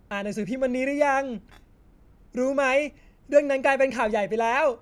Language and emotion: Thai, happy